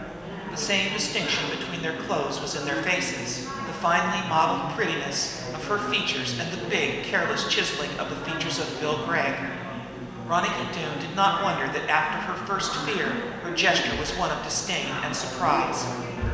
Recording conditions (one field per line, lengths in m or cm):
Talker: one person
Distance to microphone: 1.7 m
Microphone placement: close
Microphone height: 1.0 m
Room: very reverberant, large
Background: babble